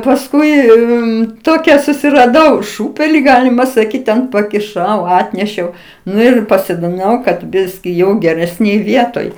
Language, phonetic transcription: Lithuanian, pasˈkui i ˈtokia susiraˈdau ˈšūpeli ˈgalima saˈkyt ten pakiˈšau ˈatnešiau ˈnu ir pasodiˈnau kad ˈbiski ˈjau geresˈnėj ˈvietoj

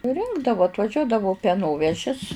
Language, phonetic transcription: Lithuanian, suˈrinkdavu atvaˈžiuodavu peˈnovežis

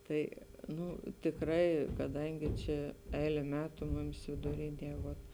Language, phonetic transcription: Lithuanian, ˈtai ˈnu tikˈrai kaˈdangi ˈčia ˈeile ˈmetu ˈmumis viduˈrinie ˈvot

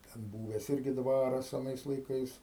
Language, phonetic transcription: Lithuanian, ten ˈbūves ˈirgi ˈdvaras aˈnais laiˈkais

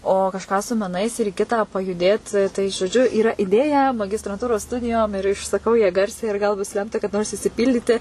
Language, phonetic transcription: Lithuanian, o kažˈką su meˈnais ir i ˈkitą pajuˈdėt tai žoˈdžiu yˈra iˈdėja magistranˈtūros ˈstudijom ir išsaˈkau ja ˈgarsiai ir ˈgal bus ˈlemta kaˈda nors išsiˈpyldyti

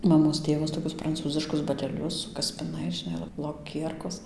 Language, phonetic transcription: Lithuanian, maˈmos ˈtėvas toˈkius pranˈcūziškus baˈtelius su kaspiˈnais žiˈnai lo loˈkierkos

